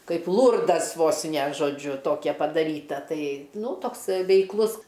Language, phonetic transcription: Lithuanian, ˈkaip ˈlurdas ˈvos ne žoˈdžiu ˈtokia padaˈryta ˈtai ˈnū ˈtoks veikˈlus

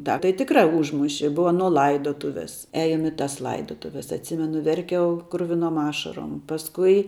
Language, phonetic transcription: Lithuanian, ˈtą tai tikˈrā ˈužmuši ˈbuva aˈno ˈlaidotuvės ˈeinu i tas ˈlaidotuves atˈsimenu verˈkiau kruviˈnom ˈašarom pasˈkui

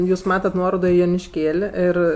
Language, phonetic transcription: Lithuanian, ˈjūs ˈmatat ˈnuorodo i jonišˈkėl' ˈir

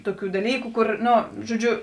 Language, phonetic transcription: Lithuanian, ˈtuˌkių daˈlyku ˈkur ˈno žoˈdžiu

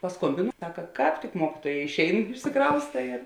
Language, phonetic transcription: Lithuanian, paˈskombinu ˈsaka ˈkāp tik ˈmuokituoja išˈein išsiˈkrausta ir

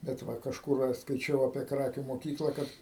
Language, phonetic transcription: Lithuanian, bet ˈva kažˈkur aš skaiˈčiau apie ˈkrakių moˈkykla ˈkad

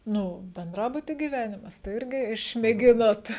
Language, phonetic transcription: Lithuanian, ˈnu benˈdrabuty gyˈvenimas tai ˈirgi išmėˈginot

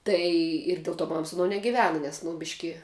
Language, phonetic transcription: Lithuanian, ˈtai ir ˈdėl ˌto ˈmam su aˈno negiˈvena nes nu ˈbiški

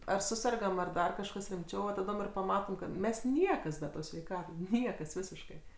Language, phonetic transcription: Lithuanian, ar ˈsusergam ar ˈdar kažˈkas rimˈčiau va taˈdom ir paˈmatom kad ˈmes ˈniekas be ˈtos sveiˈkatos ˈniekas ˈvisiškai

